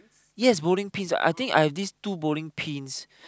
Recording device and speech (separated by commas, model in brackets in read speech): close-talking microphone, conversation in the same room